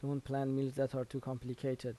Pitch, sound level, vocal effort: 135 Hz, 81 dB SPL, soft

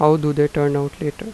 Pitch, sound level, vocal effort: 150 Hz, 86 dB SPL, normal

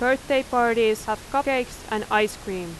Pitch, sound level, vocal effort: 230 Hz, 91 dB SPL, very loud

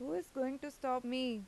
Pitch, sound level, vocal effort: 260 Hz, 89 dB SPL, normal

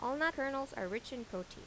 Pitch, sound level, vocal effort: 250 Hz, 84 dB SPL, normal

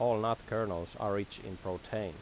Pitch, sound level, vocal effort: 100 Hz, 85 dB SPL, normal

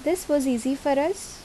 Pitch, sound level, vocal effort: 290 Hz, 77 dB SPL, normal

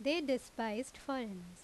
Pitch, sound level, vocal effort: 250 Hz, 86 dB SPL, loud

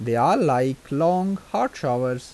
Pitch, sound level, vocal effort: 135 Hz, 86 dB SPL, normal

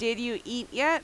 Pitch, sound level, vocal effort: 240 Hz, 90 dB SPL, very loud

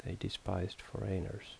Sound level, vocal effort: 70 dB SPL, soft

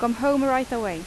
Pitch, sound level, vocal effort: 240 Hz, 88 dB SPL, loud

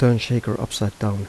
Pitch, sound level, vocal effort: 110 Hz, 80 dB SPL, soft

